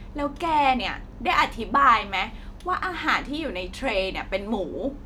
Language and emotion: Thai, frustrated